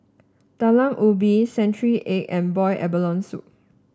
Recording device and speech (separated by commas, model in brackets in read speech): standing microphone (AKG C214), read sentence